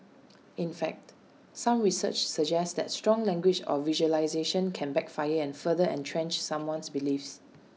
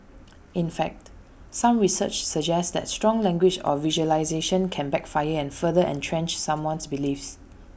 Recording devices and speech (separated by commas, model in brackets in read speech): mobile phone (iPhone 6), boundary microphone (BM630), read sentence